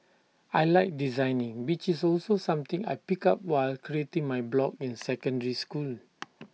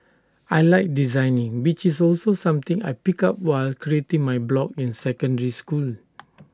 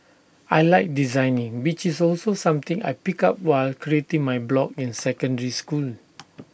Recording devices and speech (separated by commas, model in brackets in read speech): mobile phone (iPhone 6), standing microphone (AKG C214), boundary microphone (BM630), read sentence